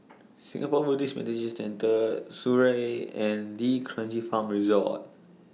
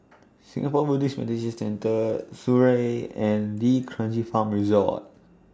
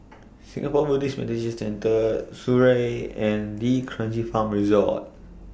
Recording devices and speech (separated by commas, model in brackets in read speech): mobile phone (iPhone 6), standing microphone (AKG C214), boundary microphone (BM630), read sentence